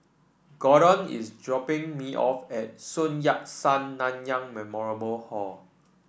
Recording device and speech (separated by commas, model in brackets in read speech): boundary microphone (BM630), read sentence